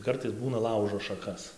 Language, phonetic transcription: Lithuanian, ˈkartais ˈbūna ˈlaužo šaˈkas

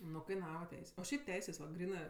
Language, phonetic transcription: Lithuanian, ˈnu kaiˈnava ˈteis' o ˈšiaip ˈteisės va ˈgrynɜ

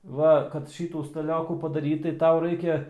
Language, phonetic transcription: Lithuanian, ˈva kad ˈšytų staˈliokų padaˈrytai ˈtau ˈraikia

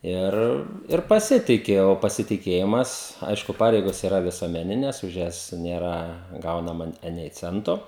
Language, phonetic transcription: Lithuanian, ˈir ir paˈsitiki o pasitiˈkėjimas ˈaišku ˈpareigos iˈra visuomeˈnines už ˈjas ˈnėra ˈgaunama ˈanei ˈcento

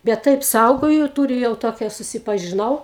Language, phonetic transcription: Lithuanian, bet ˈtaip ˈsaugoju ˈtūriu jau ˈtokia susipažiˈnau

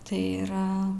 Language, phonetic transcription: Lithuanian, ˈtai yˈra

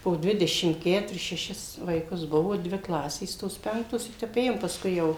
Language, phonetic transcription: Lithuanian, po ˈdvidešim ˈketuris šeˈšis vaiˈkus ˈbuvo ˈdvi ˈklasės ˈtos ˈpenktos i ˈtep ˈėjom pasˈkui ˈjau

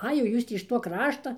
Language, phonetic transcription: Lithuanian, ˈai jau ˈjūs tį iš ˈtuo ˈkrašta

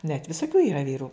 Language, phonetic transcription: Lithuanian, net visoˈkių yˈra ˈvyru

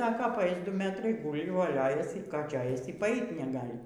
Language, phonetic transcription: Lithuanian, ˈsako paˈais ˈdu ˈmetrai ˈgūli voˈliojasi ˈką ˈčia ˈaisi y paˈait neˈgali

